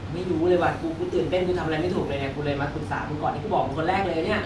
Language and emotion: Thai, happy